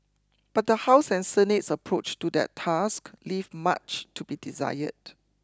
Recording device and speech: close-talking microphone (WH20), read sentence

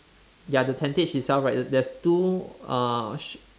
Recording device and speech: standing microphone, conversation in separate rooms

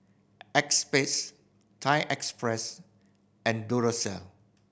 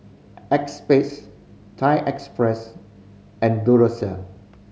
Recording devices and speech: boundary microphone (BM630), mobile phone (Samsung C5010), read sentence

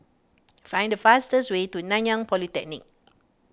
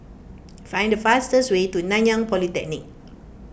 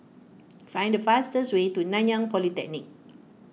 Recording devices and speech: standing microphone (AKG C214), boundary microphone (BM630), mobile phone (iPhone 6), read sentence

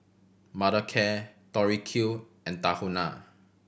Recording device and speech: boundary microphone (BM630), read sentence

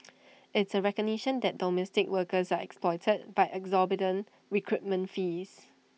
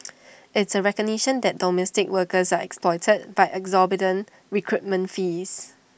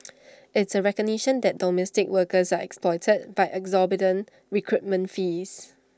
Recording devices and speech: mobile phone (iPhone 6), boundary microphone (BM630), standing microphone (AKG C214), read sentence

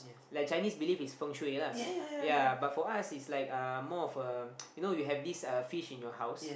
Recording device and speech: boundary microphone, conversation in the same room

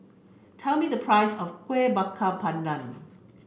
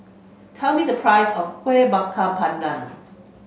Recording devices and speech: boundary microphone (BM630), mobile phone (Samsung C5), read sentence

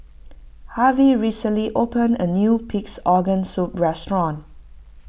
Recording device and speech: boundary microphone (BM630), read sentence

